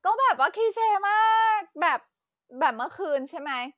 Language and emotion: Thai, happy